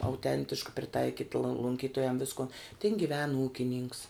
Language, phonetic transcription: Lithuanian, auˈtentiška priˈtaikit lo lunˈkytojam ˈviskon tin giˈven ˈūkininks

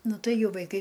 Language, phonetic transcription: Lithuanian, ˈnu ˈtai ˈjau vaiˈkai

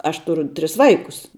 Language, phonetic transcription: Lithuanian, ˈaš ˈturu ˈtris ˈvaikus

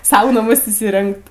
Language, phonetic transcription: Lithuanian, ˈsau naˈmus įsiˈrengt

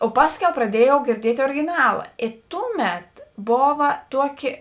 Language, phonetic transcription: Lithuanian, o ˈpasˌkiau praˈdiejau girˈdiet' origiˈnala ė ˈtuˌmet ˈbova ˈtuoˌki

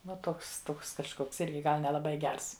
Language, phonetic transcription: Lithuanian, va ˈtoks ˈtoks kažˈkoks ˈirgi ˈgal nelaˈbai ˈgers

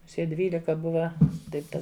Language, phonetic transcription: Lithuanian, muˈsie ˈdvylika ˈbuva ˈtaip ˈta

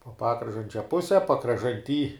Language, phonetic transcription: Lithuanian, po ˈpakražančio ˈpuse pakražanˈty

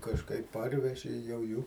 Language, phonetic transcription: Lithuanian, kažˈkaip ˈparveži jau ˈjų

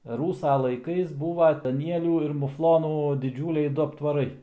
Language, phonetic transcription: Lithuanian, ˈrūsa laiˈkais ˈbūva daˈnielių ir muˈflonų diˈdžiūliai ˈdu aptvaˈrai

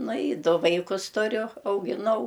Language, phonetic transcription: Lithuanian, ˈnu i ˈdu ˈvaikus tuˈriu augiˈnau

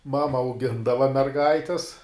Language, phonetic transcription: Lithuanian, ˈmama auˈgindava merˈgaitis

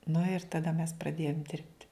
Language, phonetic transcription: Lithuanian, nu ir taˈda mes praˈdėjom ˈdirbti

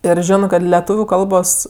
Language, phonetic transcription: Lithuanian, ir ˈžionɜ kad leˈtūviu ˈkalbos

